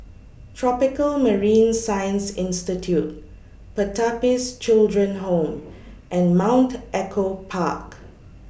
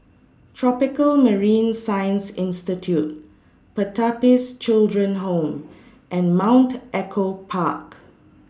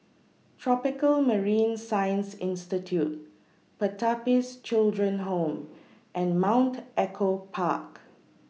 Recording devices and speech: boundary microphone (BM630), standing microphone (AKG C214), mobile phone (iPhone 6), read sentence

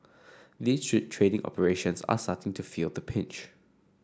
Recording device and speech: standing microphone (AKG C214), read sentence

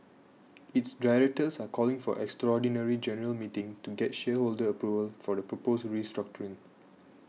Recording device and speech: mobile phone (iPhone 6), read sentence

